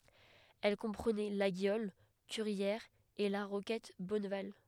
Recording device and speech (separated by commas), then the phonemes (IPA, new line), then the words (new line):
headset microphone, read sentence
ɛl kɔ̃pʁənɛ laɡjɔl kyʁjɛʁz e la ʁokɛt bɔnval
Elle comprenait Laguiole, Curières et la Roquette Bonneval.